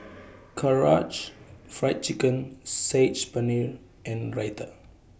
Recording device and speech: boundary microphone (BM630), read sentence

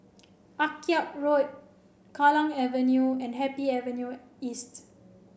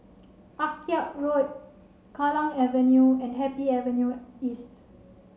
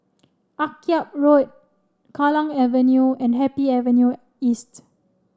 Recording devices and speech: boundary microphone (BM630), mobile phone (Samsung C7), standing microphone (AKG C214), read sentence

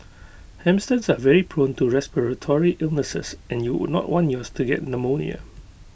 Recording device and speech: boundary microphone (BM630), read sentence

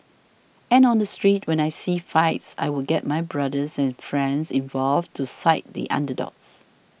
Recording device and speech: boundary microphone (BM630), read sentence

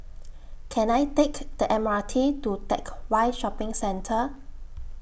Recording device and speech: boundary microphone (BM630), read sentence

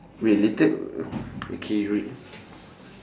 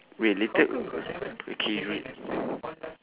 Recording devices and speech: standing microphone, telephone, conversation in separate rooms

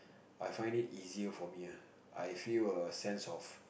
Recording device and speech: boundary microphone, conversation in the same room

